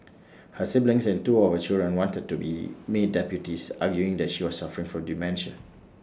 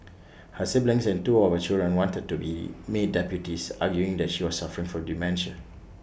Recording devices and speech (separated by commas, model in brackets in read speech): standing microphone (AKG C214), boundary microphone (BM630), read sentence